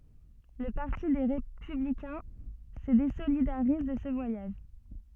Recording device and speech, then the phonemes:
soft in-ear microphone, read sentence
lə paʁti de ʁepyblikɛ̃ sə dezolidaʁiz də sə vwajaʒ

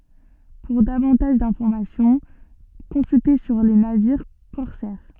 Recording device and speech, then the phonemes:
soft in-ear microphone, read sentence
puʁ davɑ̃taʒ dɛ̃fɔʁmasjɔ̃ kɔ̃sylte syʁ le naviʁ kɔʁsɛʁ

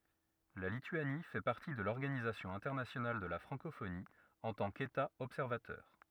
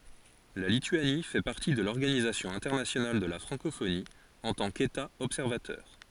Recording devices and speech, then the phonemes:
rigid in-ear microphone, forehead accelerometer, read sentence
la lityani fɛ paʁti də lɔʁɡanizasjɔ̃ ɛ̃tɛʁnasjonal də la fʁɑ̃kofoni ɑ̃ tɑ̃ keta ɔbsɛʁvatœʁ

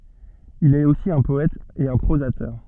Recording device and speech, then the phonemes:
soft in-ear microphone, read sentence
il ɛt osi œ̃ pɔɛt e œ̃ pʁozatœʁ

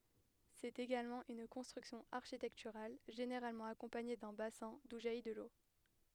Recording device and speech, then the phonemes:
headset microphone, read sentence
sɛt eɡalmɑ̃ yn kɔ̃stʁyksjɔ̃ aʁʃitɛktyʁal ʒeneʁalmɑ̃ akɔ̃paɲe dœ̃ basɛ̃ du ʒaji də lo

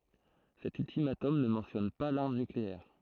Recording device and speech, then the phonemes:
throat microphone, read sentence
sɛt yltimatɔm nə mɑ̃tjɔn pa laʁm nykleɛʁ

